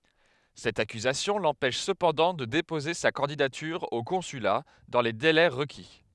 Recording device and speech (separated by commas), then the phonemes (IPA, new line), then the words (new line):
headset microphone, read sentence
sɛt akyzasjɔ̃ lɑ̃pɛʃ səpɑ̃dɑ̃ də depoze sa kɑ̃didatyʁ o kɔ̃syla dɑ̃ le delɛ ʁəki
Cette accusation l'empêche cependant de déposer sa candidature au consulat dans les délais requis.